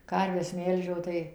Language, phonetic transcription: Lithuanian, ˈkarves ˈmelžiau tai

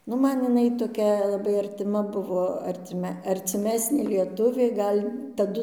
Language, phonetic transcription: Lithuanian, ˈnu ˈman iˈnai toˈkia laˈbai artiˈma ˈbuvo arˈtime arciˈmesnė lieˈtuvė ˈgal' taˈdu

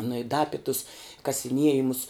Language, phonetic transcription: Lithuanian, nu i da ˈapi tus kasiˈniejimus

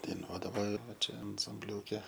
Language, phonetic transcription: Lithuanian, daiˈnuodavo ˈva ˈčia ansamˈbliūke

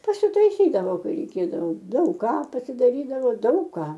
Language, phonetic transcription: Lithuanian, pasiutaiˈsydavo ˈkai reiˈkėdavo daug ˈką pasidaˈrydavo ˈdaug ką

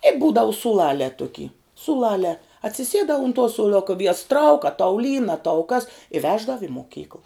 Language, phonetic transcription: Lithuanian, e ˈbūdau sūˈlalē ˈtuky sūˈlalē atsiˈsiedā un tuo sūˈluka ˈviejas trauk a tau lyn a tau kas i ˈveždav i moˈkykəl

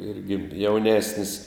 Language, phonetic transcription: Lithuanian, ˈirgi jauˈnesnis

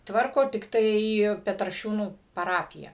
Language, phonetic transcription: Lithuanian, ˈtvarko tikˈtai petraˈšiūnų paˈrapija

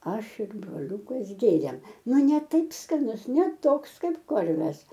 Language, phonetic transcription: Lithuanian, ˈaš ir broˈliūkas ˈgėrėm ˈnu ˈne ˈtaip skaˈnus ne ˈtoks ˈkaip ˈkorves

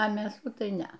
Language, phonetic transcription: Lithuanian, a mėˈsų tai ˈnea

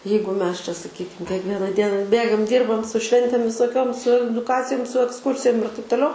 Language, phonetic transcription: Lithuanian, ˈjeigu ˈmes čia saˈkykim kiekˈviena ˈdiena ˈbėgam ˈdyrbam su ˈšventėm visoˈkiom su eduˈkacijum su eksˈkursijum ir taip toˈliau

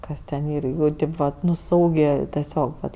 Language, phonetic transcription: Lithuanian, ˈkas ten ˈyr ˈjų ˈtaip vat ˈnu ˈsaugė teˈsiog vat

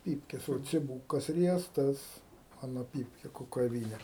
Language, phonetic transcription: Lithuanian, ˈpypkes o ciˈbūkas ˈriestas ˈmano ˈpypke kukaˈvyne

